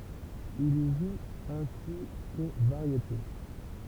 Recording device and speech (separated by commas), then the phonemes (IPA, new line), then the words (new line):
temple vibration pickup, read sentence
il i ʒu ɛ̃si ko vaʁjete
Il y joue ainsi qu'aux Variétés.